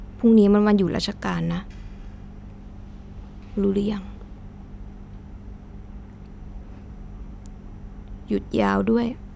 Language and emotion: Thai, frustrated